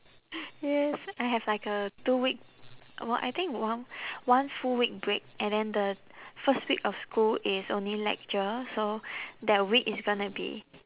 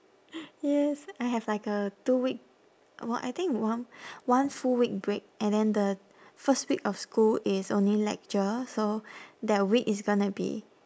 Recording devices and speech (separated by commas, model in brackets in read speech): telephone, standing microphone, conversation in separate rooms